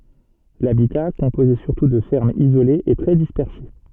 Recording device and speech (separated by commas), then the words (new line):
soft in-ear microphone, read sentence
L'habitat, composé surtout de fermes isolées, est très dispersé.